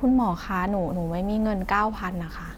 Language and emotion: Thai, frustrated